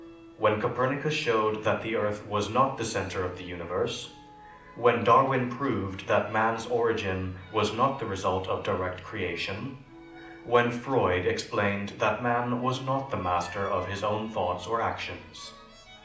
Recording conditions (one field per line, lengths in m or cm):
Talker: one person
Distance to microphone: 2.0 m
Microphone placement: close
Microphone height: 99 cm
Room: medium-sized (5.7 m by 4.0 m)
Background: music